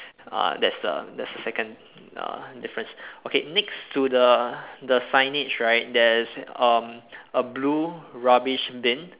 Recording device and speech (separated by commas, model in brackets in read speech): telephone, conversation in separate rooms